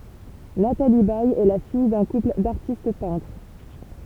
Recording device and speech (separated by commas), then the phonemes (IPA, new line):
temple vibration pickup, read sentence
natali bɛj ɛ la fij dœ̃ kupl daʁtist pɛ̃tʁ